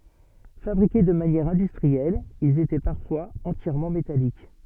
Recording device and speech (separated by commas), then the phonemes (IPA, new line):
soft in-ear microphone, read sentence
fabʁike də manjɛʁ ɛ̃dystʁiɛl ilz etɛ paʁfwaz ɑ̃tjɛʁmɑ̃ metalik